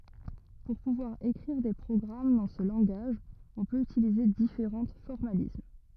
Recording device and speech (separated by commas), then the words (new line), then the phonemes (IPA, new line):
rigid in-ear microphone, read sentence
Pour pouvoir écrire des programmes dans ce langage on peut utiliser différents formalismes.
puʁ puvwaʁ ekʁiʁ de pʁɔɡʁam dɑ̃ sə lɑ̃ɡaʒ ɔ̃ pøt ytilize difeʁɑ̃ fɔʁmalism